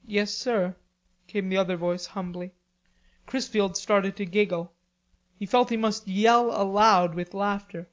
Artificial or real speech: real